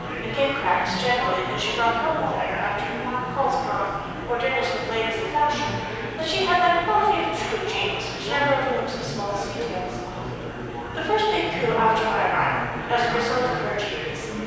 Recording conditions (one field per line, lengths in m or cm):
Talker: one person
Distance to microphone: 7.1 m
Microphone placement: far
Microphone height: 1.7 m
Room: very reverberant, large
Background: babble